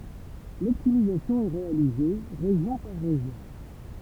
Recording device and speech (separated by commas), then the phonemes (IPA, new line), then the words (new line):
temple vibration pickup, read sentence
lɔptimizasjɔ̃ ɛ ʁealize ʁeʒjɔ̃ paʁ ʁeʒjɔ̃
L'optimisation est réalisée région par région.